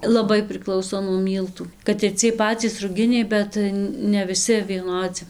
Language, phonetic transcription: Lithuanian, laˈbai priˈklauso nuo ˈmyltų kad ir ˈciej ˈpacys ruˈginiai ˈbet ne viˈsi vieˈnodzi

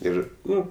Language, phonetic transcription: Lithuanian, ˈir ˈnu

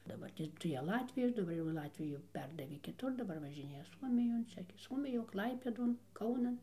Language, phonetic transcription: Lithuanian, daˈbartės tai ˈją ˈlatvijas daˈbar jau ˈlatviju ˈperdavė kiˈtur daˈbar važiˈnėja ˈsuomijon ˈčia gi ˈsuomijon ˈklaipėdon ˈkaunan

